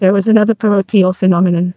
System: TTS, neural waveform model